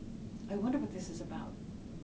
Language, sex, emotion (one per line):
English
female
neutral